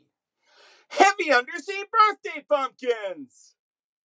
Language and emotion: English, surprised